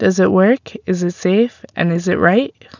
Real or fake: real